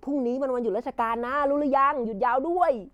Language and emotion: Thai, happy